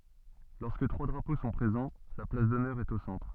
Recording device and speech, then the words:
soft in-ear microphone, read sentence
Lorsque trois drapeaux sont présents, la place d'honneur est au centre.

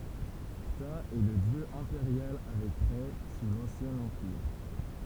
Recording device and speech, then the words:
temple vibration pickup, read sentence
Ptah est le dieu impérial avec Rê sous l'Ancien Empire.

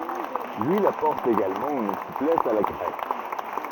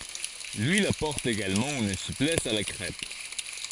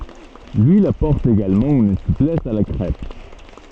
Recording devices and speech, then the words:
rigid in-ear microphone, forehead accelerometer, soft in-ear microphone, read sentence
L'huile apporte également une souplesse à la crêpe.

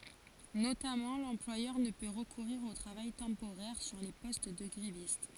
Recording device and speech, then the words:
forehead accelerometer, read sentence
Notamment, l'employeur ne peut recourir au travail temporaire sur les postes de grévistes.

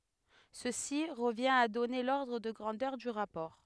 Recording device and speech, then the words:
headset microphone, read sentence
Ceci revient à donner l'ordre de grandeur du rapport.

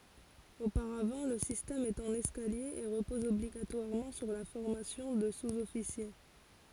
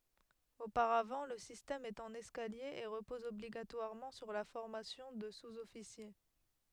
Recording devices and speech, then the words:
forehead accelerometer, headset microphone, read sentence
Auparavant le système est en escalier et repose obligatoirement sur la formation de sous-officier.

